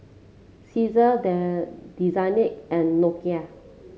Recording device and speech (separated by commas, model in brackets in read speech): mobile phone (Samsung C7), read sentence